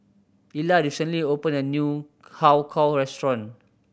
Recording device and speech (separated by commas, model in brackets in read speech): boundary microphone (BM630), read sentence